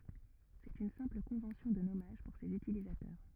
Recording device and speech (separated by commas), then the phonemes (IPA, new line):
rigid in-ear microphone, read sentence
sɛt yn sɛ̃pl kɔ̃vɑ̃sjɔ̃ də nɔmaʒ puʁ sez ytilizatœʁ